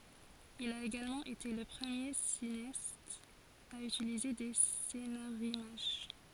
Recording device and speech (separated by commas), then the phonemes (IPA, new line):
forehead accelerometer, read sentence
il a eɡalmɑ̃ ete lə pʁəmje sineast a ytilize de senaʁimaʒ